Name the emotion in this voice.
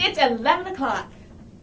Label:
happy